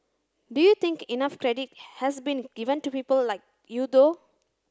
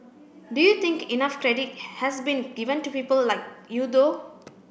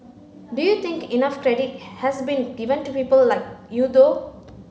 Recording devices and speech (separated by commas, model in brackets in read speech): close-talking microphone (WH30), boundary microphone (BM630), mobile phone (Samsung C9), read sentence